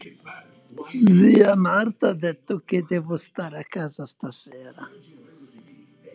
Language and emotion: Italian, neutral